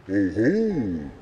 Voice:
ominous voice